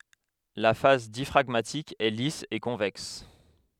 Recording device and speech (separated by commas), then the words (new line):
headset microphone, read sentence
La face diaphragmatique est lisse et convexe.